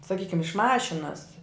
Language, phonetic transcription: Lithuanian, saˈkykim iš ˈmašinas

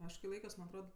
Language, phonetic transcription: Lithuanian, ˈaš kai ˈlaikios man' atˈrod

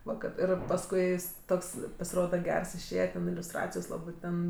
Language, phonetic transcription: Lithuanian, ˈva kad ˈir pasˈkui ˈjis ˈtoks pasiˈroda ˈgers išˈėje ten iliusˈtracijos ˈlabɜ ˈten

